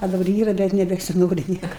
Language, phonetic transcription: Lithuanian, a daˈbar ˈyra bet nebesiˈnori ˈnieka

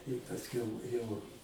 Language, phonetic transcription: Lithuanian, i pasˈkiau jau

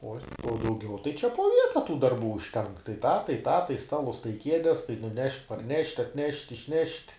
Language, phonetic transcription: Lithuanian, ˈo o dauˈgiau tai čia po ˈvieta tų darˈbų užˈtenk tai tą tai tą tai ˈstalus tai ˈkiedes tai nuˈnešt' parˈnešt' atˈnešt' išˈnešt'

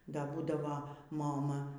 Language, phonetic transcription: Lithuanian, ˈda ˈbūdavo moˈma

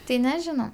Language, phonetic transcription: Lithuanian, ˈtai neˈžino

